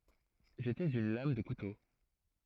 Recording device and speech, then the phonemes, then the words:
throat microphone, read sentence
ʒetɛz yn lam də kuto
J'étais une lame de couteau.

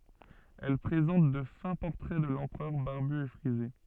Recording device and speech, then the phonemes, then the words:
soft in-ear microphone, read sentence
ɛl pʁezɑ̃t də fɛ̃ pɔʁtʁɛ də lɑ̃pʁœʁ baʁby e fʁize
Elles présentent de fins portraits de l'empereur barbu et frisé.

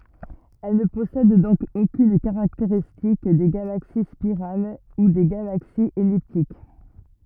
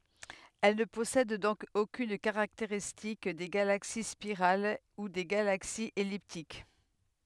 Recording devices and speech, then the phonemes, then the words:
rigid in-ear microphone, headset microphone, read sentence
ɛl nə pɔsɛd dɔ̃k okyn kaʁakteʁistik de ɡalaksi spiʁal u de ɡalaksiz ɛliptik
Elles ne possèdent donc aucune caractéristique des galaxies spirales ou des galaxies elliptiques.

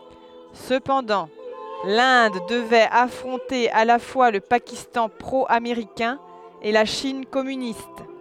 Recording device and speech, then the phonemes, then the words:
headset microphone, read sentence
səpɑ̃dɑ̃ lɛ̃d dəvɛt afʁɔ̃te a la fwa lə pakistɑ̃ pʁo ameʁikɛ̃ e la ʃin kɔmynist
Cependant, l'Inde devait affronter à la fois le Pakistan pro-américain et la Chine communiste.

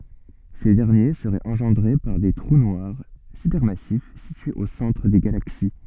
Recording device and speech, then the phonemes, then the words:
soft in-ear microphone, read sentence
se dɛʁnje səʁɛt ɑ̃ʒɑ̃dʁe paʁ de tʁu nwaʁ sypɛʁmasif sityez o sɑ̃tʁ de ɡalaksi
Ces derniers seraient engendrés par des trous noirs supermassifs situés au centre des galaxies.

